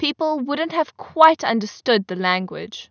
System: none